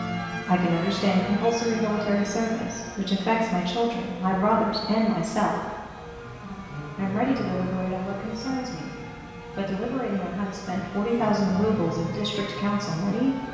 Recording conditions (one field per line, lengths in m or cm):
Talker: one person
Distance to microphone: 1.7 m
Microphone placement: close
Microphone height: 1.0 m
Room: very reverberant, large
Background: music